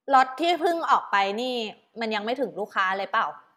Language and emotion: Thai, neutral